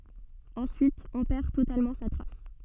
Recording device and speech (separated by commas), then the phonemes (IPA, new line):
soft in-ear microphone, read sentence
ɑ̃syit ɔ̃ pɛʁ totalmɑ̃ sa tʁas